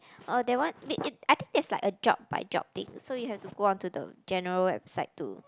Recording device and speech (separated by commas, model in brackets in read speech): close-talking microphone, conversation in the same room